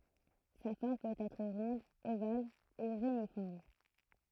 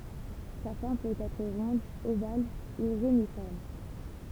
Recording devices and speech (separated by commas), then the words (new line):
throat microphone, temple vibration pickup, read sentence
Sa forme peut être ronde, ovale ou réniforme.